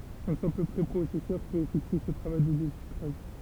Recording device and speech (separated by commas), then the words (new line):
temple vibration pickup, read sentence
Un simple préprocesseur peut effectuer ce travail de désucrage.